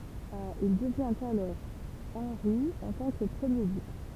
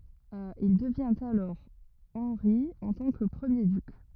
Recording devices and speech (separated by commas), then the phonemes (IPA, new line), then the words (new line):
temple vibration pickup, rigid in-ear microphone, read sentence
il dəvjɛ̃t alɔʁ ɑ̃ʁi ɑ̃ tɑ̃ kə pʁəmje dyk
Il devient alors Henri en tant que premier duc.